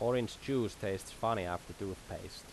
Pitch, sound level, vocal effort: 110 Hz, 84 dB SPL, normal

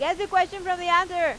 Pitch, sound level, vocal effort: 355 Hz, 99 dB SPL, very loud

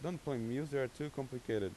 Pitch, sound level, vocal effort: 135 Hz, 88 dB SPL, normal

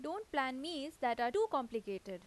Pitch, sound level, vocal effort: 265 Hz, 87 dB SPL, loud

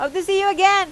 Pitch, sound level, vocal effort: 390 Hz, 96 dB SPL, very loud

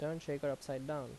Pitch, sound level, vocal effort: 145 Hz, 82 dB SPL, normal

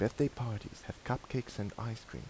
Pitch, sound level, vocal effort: 115 Hz, 78 dB SPL, soft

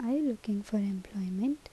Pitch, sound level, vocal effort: 215 Hz, 75 dB SPL, soft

